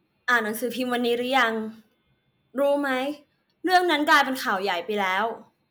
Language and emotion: Thai, frustrated